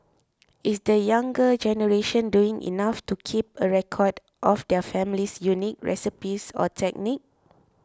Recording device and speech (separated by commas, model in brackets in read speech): close-talking microphone (WH20), read sentence